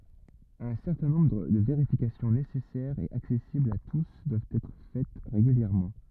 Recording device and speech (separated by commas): rigid in-ear microphone, read sentence